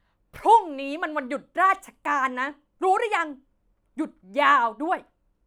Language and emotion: Thai, angry